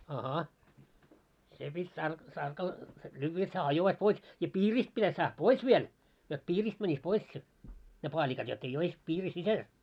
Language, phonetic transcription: Finnish, a'ha , 'se pit́ 'tark- 'tarkal , 'lyyvvä jot hää 'hajovais 'pois , ja "piirist pitäs saah "pois viel , jot "piiriist mäńis 'pois se , ne 'paaĺikat jot ‿ei 'ois piiri "sisäl .
- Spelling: aha se piti - tarkalla lyödä jotta hää hajoaisi pois ja piiristä pitäisi saada pois vielä jotta piiristä menisi pois se ne paalikat jotta ei olisi piirin sisällä

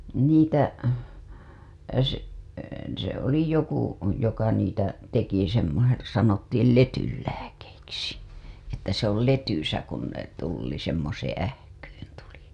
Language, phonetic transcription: Finnish, 'niitä , se , se oli 'joku , joka niitä , teki semmose- , sanottiil "letyl lääkeiksi , että se ‿ol "letysä kun ne tulli semmoseeḛ 'ähkyyn TULI .
- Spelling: niitä se se oli joku joka niitä teki semmoisen sanottiin letyn lääkkeiksi että se oli letyssä kun ne tuli semmoiseen ähkyyn tuli

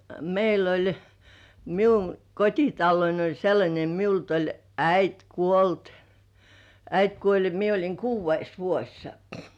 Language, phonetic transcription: Finnish, meil ‿oĺ , miuŋ kot́italloin ‿oĺ sellańe miult ‿oĺ "äit "kuolt , "äit 'kuoĺ ja , mie oĺiŋ "kuuv̆veis vuoś sᴀ- .
- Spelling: meillä oli minun kotitaloni oli sellainen minulta oli äiti kuollut äiti kuoli ja minä olin kuudes vuosi -

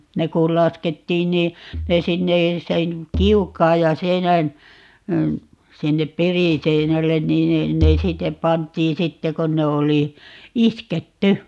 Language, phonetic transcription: Finnish, 'ne kul̆ 'laskettiin nii , 'ne 'sinne , 'sen , "kiuk̆kaaj ja 'seinän , 'sinnep "perìseinällen 'niin ne , 'ne 'sittep̆ 'pant̀ii 'sitte 'kon ne oli , 'isket"ty .
- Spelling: ne kun laskettiin niin ne sinne sen kiukaan ja seinän sinne periseinälle niin ne ne sitten pantiin sitten kun ne oli isketty

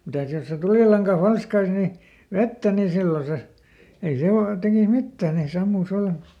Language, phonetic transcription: Finnish, ˈmitä̀s jos se ˈtulìlaŋka ˈfalskais ni , "vettä ni ˈsillo se , ei ˈse o- , ˈtekis ˈmittään nè ˈsammuis (ˈvallan) .
- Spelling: mitäs jos se tulilanka falskaisi niin vettä niin silloin se ei se - tekisi mitään ne sammuisi vallan

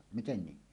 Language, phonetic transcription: Finnish, » "miten 'niin « .
- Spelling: miten niin

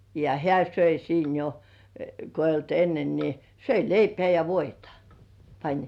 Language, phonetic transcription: Finnish, ja 'hĕä̀ söi siin jo , ko eij̆j ‿olt 'ennen ni , 'söi "leipĕä̀ ja 'voitᴀ , pań .
- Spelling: ja hän söi siinä jo kun ei ollut ennen niin söi leipää ja voita pani

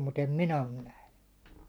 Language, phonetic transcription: Finnish, mut ‿em "minä on 'nähny .
- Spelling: mutta en minä ole nähnyt

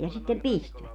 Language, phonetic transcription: Finnish, ja sittem "pistvät .
- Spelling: ja sitten pistivät

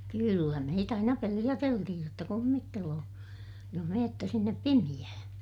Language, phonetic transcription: Finnish, kyllä meit ‿aina peliʲäteltihij jotta kummitteloo , joh meettä sinnep pimiʲähää̰ .
- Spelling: kyllä meitä aina peloteltiin jotta kummittelee jos menette sinne pimeään

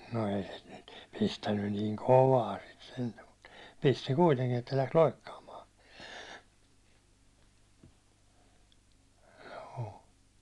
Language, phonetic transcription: Finnish, no ei se nyt pistännyn niiŋ "kovaa sit sentä mut , pisti 'kuiteŋkin että läks 'loikkaamaa , joo .
- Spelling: no ei se nyt pistänyt niin kovaa sitten sentään mutta pisti kuitenkin että lähti loikkaamaan joo

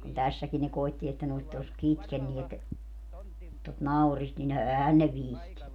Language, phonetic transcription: Finnish, kun 'tässäkin ne 'koitti että ne (nyt) oś "kytkenniet , tot 'naurist nin 'ɛhän ne "vihtinny .
- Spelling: kun tässäkin ne koetti että ne nyt olisi kitkeneet tuota naurista niin eihän ne viitsinyt

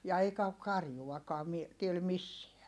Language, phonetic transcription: Finnish, ja eikä ok karjuwakɔa mi- , tiel misseä .
- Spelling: ja eikä ole karjuakaan - täällä missään

